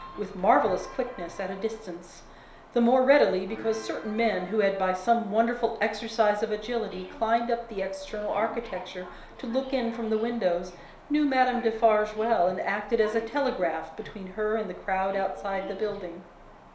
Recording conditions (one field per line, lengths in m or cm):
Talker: one person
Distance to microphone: 1.0 m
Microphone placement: close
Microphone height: 1.1 m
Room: small (3.7 m by 2.7 m)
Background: television